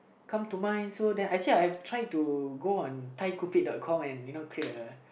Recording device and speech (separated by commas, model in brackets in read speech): boundary microphone, conversation in the same room